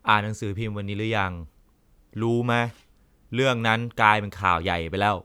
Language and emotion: Thai, frustrated